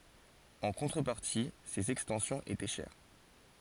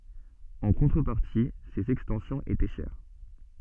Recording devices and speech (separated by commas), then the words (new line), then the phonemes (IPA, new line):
forehead accelerometer, soft in-ear microphone, read sentence
En contrepartie, ses extensions étaient chères.
ɑ̃ kɔ̃tʁəpaʁti sez ɛkstɑ̃sjɔ̃z etɛ ʃɛʁ